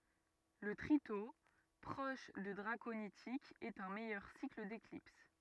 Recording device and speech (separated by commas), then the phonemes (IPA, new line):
rigid in-ear microphone, read sentence
lə tʁito pʁɔʃ də dʁakonitikz ɛt œ̃ mɛjœʁ sikl deklips